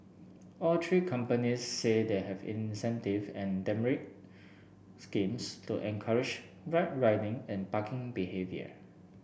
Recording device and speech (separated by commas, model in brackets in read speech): boundary microphone (BM630), read sentence